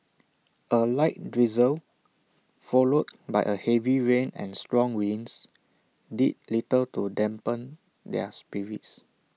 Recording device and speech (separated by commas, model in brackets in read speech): mobile phone (iPhone 6), read sentence